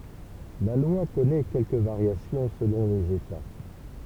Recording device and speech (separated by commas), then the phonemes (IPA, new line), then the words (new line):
temple vibration pickup, read sentence
la lwa kɔnɛ kɛlkə vaʁjasjɔ̃ səlɔ̃ lez eta
La loi connaît quelques variations selon les États.